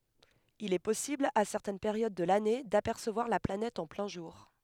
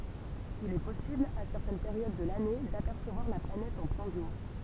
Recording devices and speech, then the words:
headset microphone, temple vibration pickup, read sentence
Il est possible, à certaines périodes de l'année, d'apercevoir la planète en plein jour.

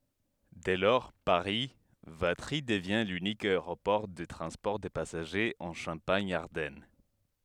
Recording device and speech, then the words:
headset microphone, read sentence
Dès lors, Paris - Vatry devient l'unique aéroport de transport de passagers en Champagne-Ardenne.

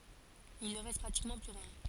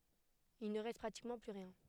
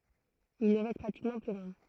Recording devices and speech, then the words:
forehead accelerometer, headset microphone, throat microphone, read sentence
Il ne reste pratiquement plus rien.

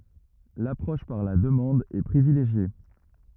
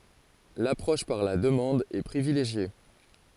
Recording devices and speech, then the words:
rigid in-ear microphone, forehead accelerometer, read sentence
L'approche par la demande est privilégiée.

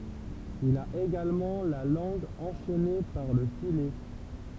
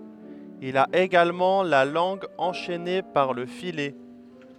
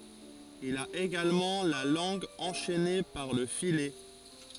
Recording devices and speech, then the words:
temple vibration pickup, headset microphone, forehead accelerometer, read sentence
Il a également la langue enchaînée par le filet.

